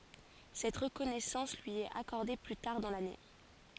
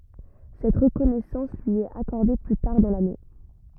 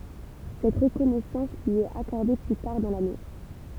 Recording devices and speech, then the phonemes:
forehead accelerometer, rigid in-ear microphone, temple vibration pickup, read sentence
sɛt ʁəkɔnɛsɑ̃s lyi ɛt akɔʁde ply taʁ dɑ̃ lane

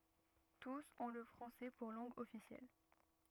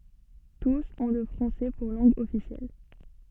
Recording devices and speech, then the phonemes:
rigid in-ear microphone, soft in-ear microphone, read sentence
tus ɔ̃ lə fʁɑ̃sɛ puʁ lɑ̃ɡ ɔfisjɛl

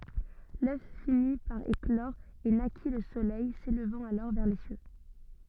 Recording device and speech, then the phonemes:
soft in-ear microphone, read sentence
lœf fini paʁ eklɔʁ e naki lə solɛj selvɑ̃t alɔʁ vɛʁ le sjø

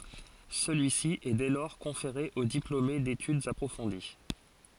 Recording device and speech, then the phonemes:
forehead accelerometer, read sentence
səlyisi ɛ dɛ lɔʁ kɔ̃feʁe o diplome detydz apʁofɔ̃di

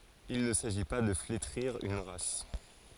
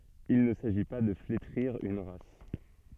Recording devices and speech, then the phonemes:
forehead accelerometer, soft in-ear microphone, read sentence
il nə saʒi pa də fletʁiʁ yn ʁas

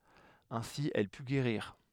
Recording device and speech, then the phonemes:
headset microphone, read sentence
ɛ̃si ɛl py ɡeʁiʁ

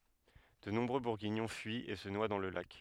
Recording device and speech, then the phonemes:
headset microphone, read sentence
də nɔ̃bʁø buʁɡiɲɔ̃ fyit e sə nwa dɑ̃ lə lak

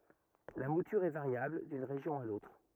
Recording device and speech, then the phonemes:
rigid in-ear microphone, read sentence
la mutyʁ ɛ vaʁjabl dyn ʁeʒjɔ̃ a lotʁ

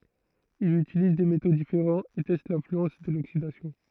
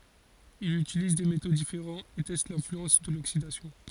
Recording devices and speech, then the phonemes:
throat microphone, forehead accelerometer, read sentence
il ytiliz de meto difeʁɑ̃z e tɛst lɛ̃flyɑ̃s də loksidasjɔ̃

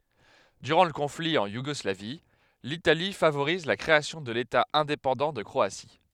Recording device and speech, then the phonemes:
headset microphone, read sentence
dyʁɑ̃ lə kɔ̃fli ɑ̃ juɡɔslavi litali favoʁiz la kʁeasjɔ̃ də leta ɛ̃depɑ̃dɑ̃ də kʁoasi

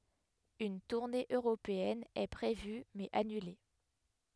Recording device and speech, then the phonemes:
headset microphone, read sentence
yn tuʁne øʁopeɛn ɛ pʁevy mɛz anyle

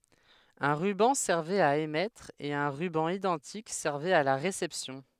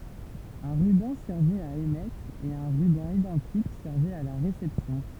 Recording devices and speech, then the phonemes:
headset microphone, temple vibration pickup, read sentence
œ̃ ʁybɑ̃ sɛʁvɛt a emɛtʁ e œ̃ ʁybɑ̃ idɑ̃tik sɛʁvɛt a la ʁesɛpsjɔ̃

